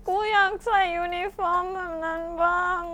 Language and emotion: Thai, sad